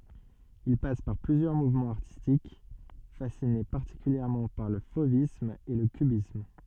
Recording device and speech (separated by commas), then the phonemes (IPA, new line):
soft in-ear microphone, read sentence
il pas paʁ plyzjœʁ muvmɑ̃z aʁtistik fasine paʁtikyljɛʁmɑ̃ paʁ lə fovism e lə kybism